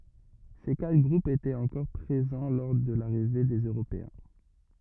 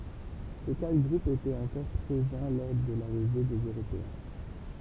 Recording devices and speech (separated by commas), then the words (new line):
rigid in-ear microphone, temple vibration pickup, read sentence
Ces quatre groupes étaient encore présents lors de l’arrivée des Européens.